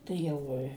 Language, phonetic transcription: Lithuanian, tai ˈjau i

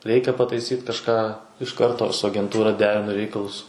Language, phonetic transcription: Lithuanian, ˈreikia pataiˈsyt kažˈką iš ˈkarto su agenˈtūra ˈderinu ˈreikalus

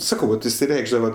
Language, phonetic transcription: Lithuanian, ˈsakau vat išsiˈreikšdava

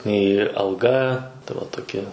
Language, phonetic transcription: Lithuanian, nei alˈga ta va toˈkia

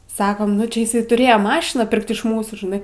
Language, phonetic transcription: Lithuanian, ˈsakom nu ˈčia iˈsai tuˈrėje ˈmašiną ˈpirkt iš ˈmūsų žiˈnai

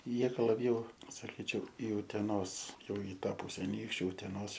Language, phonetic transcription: Lithuanian, ˈjie ˈgal laˈbjau saˈkyčiau i uteˈnos ˈjau i ˈtą ˈpuse aˈnykščiu uteˈnos

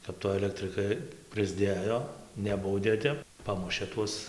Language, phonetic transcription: Lithuanian, kap ˈto alektriˈkai prɨsˈdėjo ˈnebaudė ˈtep ˈpamušė ˈtuos

